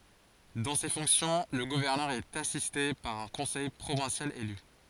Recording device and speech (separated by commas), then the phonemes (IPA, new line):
forehead accelerometer, read sentence
dɑ̃ se fɔ̃ksjɔ̃ lə ɡuvɛʁnœʁ ɛt asiste paʁ œ̃ kɔ̃sɛj pʁovɛ̃sjal ely